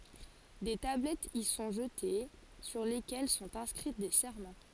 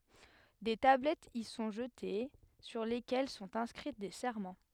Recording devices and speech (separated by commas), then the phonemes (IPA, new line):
forehead accelerometer, headset microphone, read sentence
de tablɛtz i sɔ̃ ʒəte syʁ lekɛl sɔ̃t ɛ̃skʁi de sɛʁmɑ̃